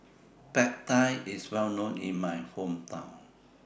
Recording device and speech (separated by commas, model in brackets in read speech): boundary microphone (BM630), read sentence